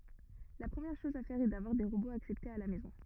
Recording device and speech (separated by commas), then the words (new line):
rigid in-ear microphone, read sentence
La première chose à faire est d’avoir des robots acceptés à la maison.